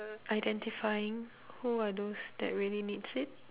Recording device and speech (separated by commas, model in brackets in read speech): telephone, conversation in separate rooms